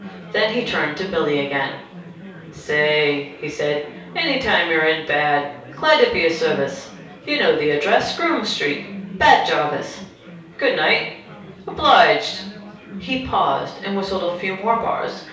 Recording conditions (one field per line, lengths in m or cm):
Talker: one person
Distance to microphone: 3.0 m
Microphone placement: far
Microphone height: 1.8 m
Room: small (3.7 m by 2.7 m)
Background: babble